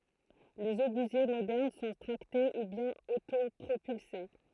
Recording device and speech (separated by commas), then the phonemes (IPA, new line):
throat microphone, read sentence
lez obyzje modɛʁn sɔ̃ tʁakte u bjɛ̃n otopʁopylse